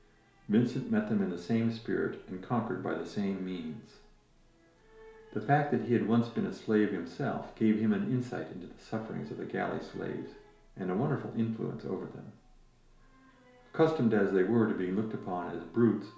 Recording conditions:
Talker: one person; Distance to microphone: 1.0 m; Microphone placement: close; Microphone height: 1.1 m; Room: small (3.7 m by 2.7 m); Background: television

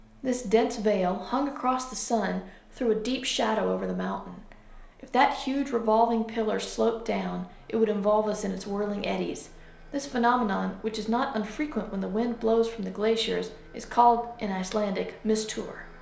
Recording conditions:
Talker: one person; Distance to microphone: 1.0 m; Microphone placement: close; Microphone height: 1.1 m; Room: small (3.7 m by 2.7 m); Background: none

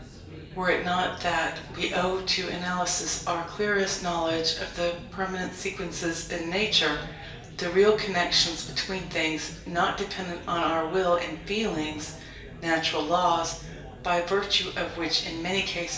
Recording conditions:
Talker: one person; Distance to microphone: 1.8 m; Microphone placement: close; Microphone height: 1.0 m; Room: large; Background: babble

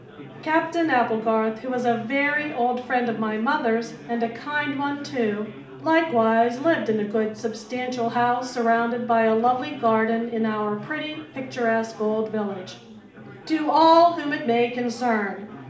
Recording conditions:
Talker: one person; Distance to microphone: 2.0 m; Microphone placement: close; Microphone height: 99 cm; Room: medium-sized (5.7 m by 4.0 m); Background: babble

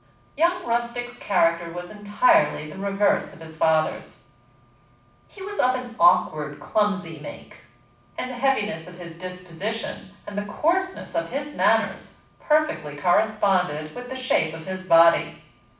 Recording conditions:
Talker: one person; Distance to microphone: 5.8 m; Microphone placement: far; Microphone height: 1.8 m; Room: medium-sized (5.7 m by 4.0 m); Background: none

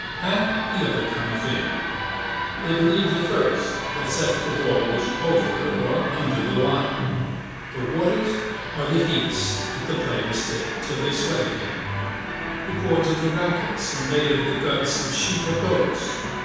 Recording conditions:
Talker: one person; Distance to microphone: 7.1 m; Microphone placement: far; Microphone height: 1.7 m; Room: very reverberant, large; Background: television

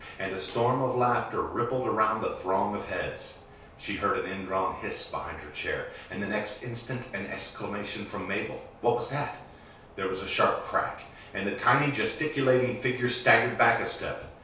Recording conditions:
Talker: one person; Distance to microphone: 3.0 m; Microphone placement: far; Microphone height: 1.8 m; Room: small (3.7 m by 2.7 m); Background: none

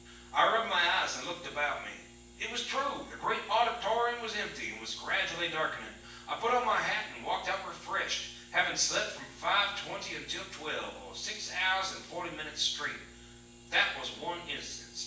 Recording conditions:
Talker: one person; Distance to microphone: 9.8 m; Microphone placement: far; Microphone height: 1.8 m; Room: large; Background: none

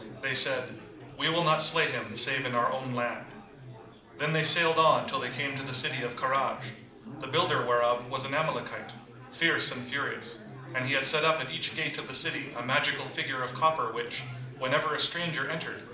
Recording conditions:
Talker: one person; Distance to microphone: 2.0 m; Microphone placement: close; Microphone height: 99 cm; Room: medium-sized (5.7 m by 4.0 m); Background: babble

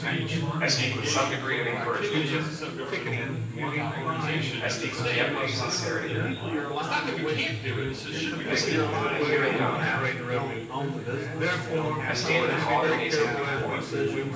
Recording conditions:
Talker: one person; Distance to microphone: 9.8 m; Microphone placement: far; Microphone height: 1.8 m; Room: large; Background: babble

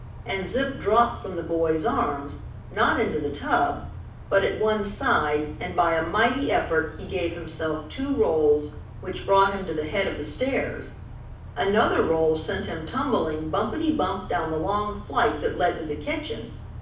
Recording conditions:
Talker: one person; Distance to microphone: 5.8 m; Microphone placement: far; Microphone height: 1.8 m; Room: medium-sized (5.7 m by 4.0 m); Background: none

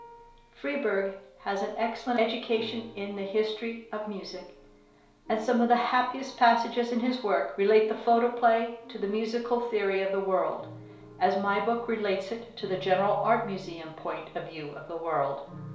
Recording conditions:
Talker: one person; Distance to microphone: 1.0 m; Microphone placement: close; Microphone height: 1.1 m; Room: small (3.7 m by 2.7 m); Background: music

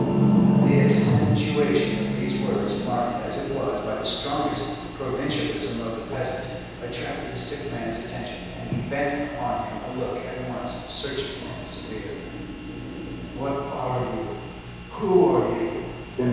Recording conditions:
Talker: one person; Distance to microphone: 7.1 m; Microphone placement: far; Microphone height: 1.7 m; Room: very reverberant, large; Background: television

